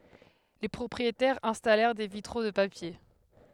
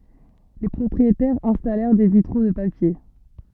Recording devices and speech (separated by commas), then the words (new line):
headset microphone, soft in-ear microphone, read sentence
Les propriétaires installèrent des vitraux de papier.